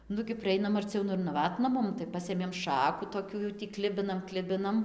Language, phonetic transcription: Lithuanian, ˈnugi priˈeinam arˈciau ˈnu ir naˈvatna ˈmum tai ˈpasėmėm ˈšaku toˈkių jau tį ˈklibinam ˈklibinam

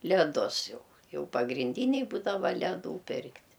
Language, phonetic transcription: Lithuanian, leˈdus ˈjau ˈjau pagrinˈdyniai ˈbūdava leˈdų ˈpirkt'

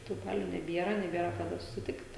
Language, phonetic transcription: Lithuanian, tų ˈbaliu neˈbiera neˈbiera kaˈda susiˈtikt

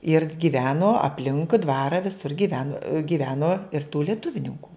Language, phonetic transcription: Lithuanian, ir gyˈveno apˈlinkui ˈdvara viˈsur gyˈvenu gyˈveno ir tų lieˈtuvninku

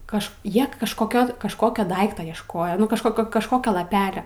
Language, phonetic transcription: Lithuanian, ˈkaž ˈjie kažkoˈkio kažˈkokio ˈdaikto iešˈkojo ˈnu kažˈkokio kažˈkokio laˈpelio

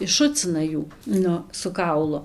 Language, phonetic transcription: Lithuanian, išˈšucina ˈjų ˈnu su ˈkaulu

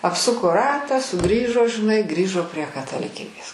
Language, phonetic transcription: Lithuanian, apˈsuko ˈratą suˈgrįžo žiˈnai ˈgrįžo prie kataliˈkybės

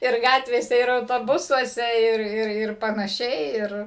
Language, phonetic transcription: Lithuanian, ir ˈgatvėse ir autoˈbusuose ˈir ˈir ir panaˈšiai ˈir

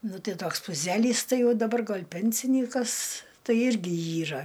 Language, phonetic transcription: Lithuanian, ˈnu ˈtai ˈtoks puˈzelys ˈtai ˈjau daˈbar ˈgal' ˈpensinykas ˈtai ˈirgi ˈyra

